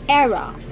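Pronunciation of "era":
'Era' is said with the American pronunciation.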